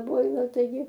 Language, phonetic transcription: Lithuanian, ˈboila taiˈgi

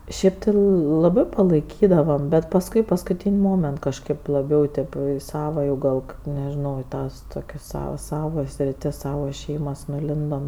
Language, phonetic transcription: Lithuanian, ˈšėp ti laˈbɜ palaiˈkydavam bet pasˈkui paskuˈtyn' ˈmoment kažˈkaip laˈbiau tėp jau i ˈsava jau jau ˈgal kad nežiˈnau i ˈtas toˈkias ˈsavas ˈsavo sriˈtis ˈsavo ˈšeimas nuˈlindom

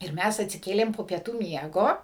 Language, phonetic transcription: Lithuanian, ir ˈmæs atsiˈkėlėm po pieˈtų ˈmiego

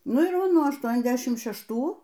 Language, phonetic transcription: Lithuanian, ˈnu ir ˈva ˈnuo ašˌtuoniasˈdešimt šešˈtų

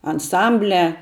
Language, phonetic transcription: Lithuanian, anˈsambliā

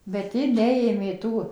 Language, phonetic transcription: Lithuanian, bet ˈji ˈneėmė ˈtų

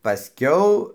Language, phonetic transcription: Lithuanian, paˈskiau

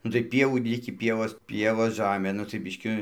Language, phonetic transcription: Lithuanian, nu tai ˈpievų ˈlikį ˈpievos ˈpievos ˈžamė nu tai ˈbiški

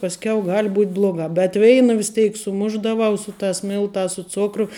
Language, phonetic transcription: Lithuanian, pasˈkiau ˈgal' ˈbū't ˈblogā bet ˈveina vis ˈteik suˈmušdavau ˈsu ˌtās ˈmiltās su ˈcukru

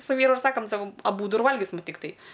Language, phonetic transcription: Lithuanian, su ˈvyru ir ˈsakam ˈsakom aˈbūdu ir ˈvalgisim tikˈtai

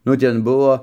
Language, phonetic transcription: Lithuanian, nu ˈten ˈbuvo

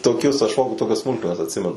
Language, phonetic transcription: Lithuanian, toˈkius aš ˈfoku ˈtokias ˈsmulkmenas atˈsimenu

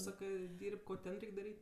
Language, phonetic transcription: Lithuanian, ˈsakɜ ˈdirb' ˈko ˈten ˈreik' daˈryt'

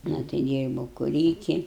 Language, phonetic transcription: Lithuanian, ˈna tai ˈdyrbau kuˈryki

